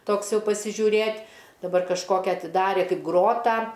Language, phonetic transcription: Lithuanian, ˈtoks ˈjau pasižiūˈrėt' daˈbar kažˈkokia atiˈdarė ˈkaip ˈgrotą

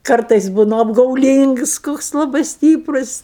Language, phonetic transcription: Lithuanian, ˈkartais ˈbūnu apgauˈlyngs koks laˈbai ˈstyprus

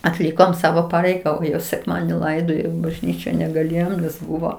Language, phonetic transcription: Lithuanian, atˈlikom ˈsavo ˈpareiga sekˈmadieni ˈlaidojo i bažˈnyčia negaˈlėjom nes ˈbuvo

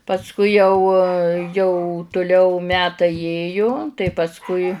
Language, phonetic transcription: Lithuanian, pasˈkui jau jau tuˈliau ˈmetai ˈjėju tai pasˈkui

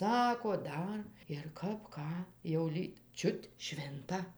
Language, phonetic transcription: Lithuanian, ˈsako ˈdar ir ˈkap ˈką jau ˈlyg ˈčiut ˈšvinta

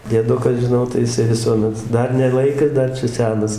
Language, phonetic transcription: Lithuanian, dieˈdukas žiˈnau tai jiˈsai viˈsuomet ˈdar ne ˈlaikas ˈdar čia ˈsenas

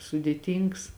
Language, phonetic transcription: Lithuanian, sudėˈtyngs

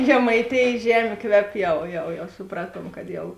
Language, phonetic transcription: Lithuanian, žemaiˈtėjės ˈžemė ˈkvep ˈjau jau jau suˈpratuom kad ˈjau

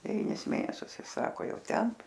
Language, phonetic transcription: Lithuanian, deˈvynis ˈmėnesius ˈis ˈsako ˈjau ˈten

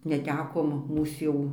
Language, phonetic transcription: Lithuanian, neˈtekom ˈmūs jau

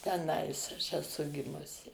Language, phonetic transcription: Lithuanian, teˈnais aš eˈsu ˈgimusi

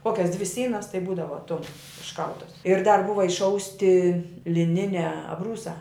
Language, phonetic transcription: Lithuanian, ˈkokias dvi ˈsynas tai ˈbūdava ˈtum išˈkaltas ir dar ˈbuva išˈausti liˈniniā abˈrūsā

